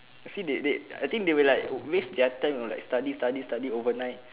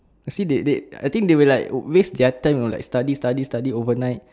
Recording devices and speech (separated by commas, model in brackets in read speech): telephone, standing microphone, conversation in separate rooms